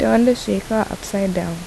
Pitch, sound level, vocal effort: 200 Hz, 75 dB SPL, soft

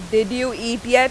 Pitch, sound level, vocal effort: 240 Hz, 92 dB SPL, very loud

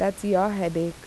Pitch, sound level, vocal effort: 190 Hz, 82 dB SPL, normal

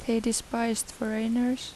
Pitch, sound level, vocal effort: 230 Hz, 80 dB SPL, soft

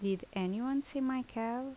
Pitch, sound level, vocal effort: 245 Hz, 77 dB SPL, normal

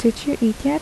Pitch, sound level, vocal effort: 240 Hz, 74 dB SPL, soft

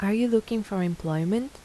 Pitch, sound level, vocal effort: 215 Hz, 82 dB SPL, soft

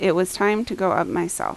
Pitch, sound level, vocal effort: 185 Hz, 81 dB SPL, normal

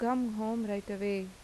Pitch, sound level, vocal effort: 210 Hz, 85 dB SPL, normal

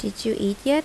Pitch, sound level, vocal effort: 220 Hz, 79 dB SPL, normal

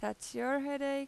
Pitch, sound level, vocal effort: 275 Hz, 90 dB SPL, loud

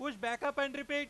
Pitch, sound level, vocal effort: 285 Hz, 104 dB SPL, very loud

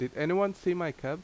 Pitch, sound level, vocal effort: 170 Hz, 85 dB SPL, loud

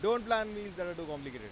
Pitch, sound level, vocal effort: 185 Hz, 100 dB SPL, very loud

